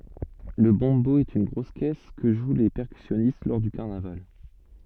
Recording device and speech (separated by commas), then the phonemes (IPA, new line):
soft in-ear microphone, read sentence
lə bɔ̃bo ɛt yn ɡʁos kɛs kə ʒw le pɛʁkysjɔnist lɔʁ dy kaʁnaval